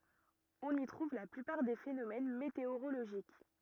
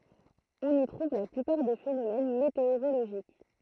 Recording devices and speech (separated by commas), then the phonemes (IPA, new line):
rigid in-ear microphone, throat microphone, read sentence
ɔ̃n i tʁuv la plypaʁ de fenomɛn meteoʁoloʒik